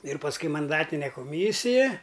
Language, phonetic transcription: Lithuanian, ir pasˈkui manˈdatine koˈmysija

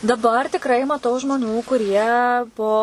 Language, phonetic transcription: Lithuanian, daˈbar tikˈrai maˈtau žmoˈnių kuˈrie po

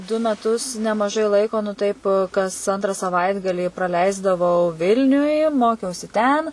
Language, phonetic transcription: Lithuanian, du meˈtus nemaˈžai ˈlaiko nu taip kas ˈantra saˈvaitgalį praˈleisdavau ˈvilniuj ˈmokiausi ˈten

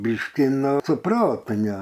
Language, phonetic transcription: Lithuanian, ˈbyški ˈnu su ˈprotu ne

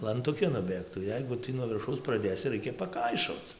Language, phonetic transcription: Lithuanian, lantuˈki nuˈbėgtų ˈjeigu ˈtį nuo virˈšaus praˈdėsi ˈraikia paˈkaišoc

